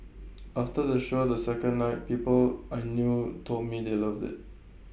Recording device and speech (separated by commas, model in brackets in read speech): boundary microphone (BM630), read sentence